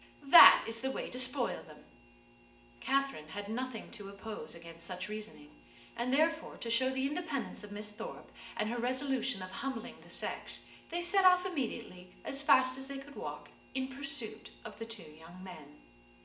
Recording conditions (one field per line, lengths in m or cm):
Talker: one person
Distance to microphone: 1.8 m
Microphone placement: close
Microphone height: 1.0 m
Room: large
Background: none